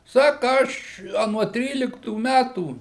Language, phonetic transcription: Lithuanian, ˈsaka ˈaš a nuo ˈtryliktų ˈmætų

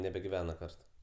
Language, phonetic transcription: Lithuanian, nebegiˈvena ˈkart

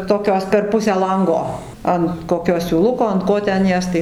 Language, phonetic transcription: Lithuanian, toˈkios per ˈpusę ˈlango ˈant koˈkio siūˈluko ant ˈko ˈten ˈjąs tai

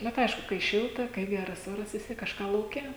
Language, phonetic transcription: Lithuanian, ˈnu tai ˈaišku kai ˈšilta kai ˈgæras ˈoras vis ˈtiek kažˈką lauˈke

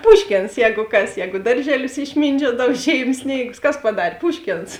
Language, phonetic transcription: Lithuanian, ˈpuškėns ˈjēgu ˈkas ˈjēgu ˈdaržeˌlius išˈmyndžiuodav ˈžėim ˈsnėigus ˈkas paˈdarė ˈpuškėns

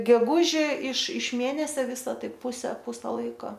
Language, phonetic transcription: Lithuanian, geˈguže iš iš ˈmėnesia ˈvisa ˈtaip ˈpuse ˈpuse ˈlaiko

